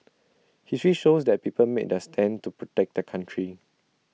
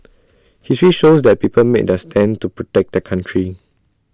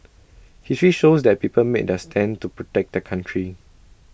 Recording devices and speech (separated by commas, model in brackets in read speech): mobile phone (iPhone 6), standing microphone (AKG C214), boundary microphone (BM630), read sentence